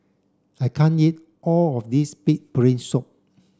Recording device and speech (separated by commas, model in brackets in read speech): standing microphone (AKG C214), read sentence